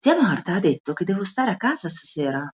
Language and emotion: Italian, surprised